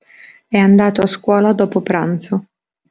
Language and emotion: Italian, neutral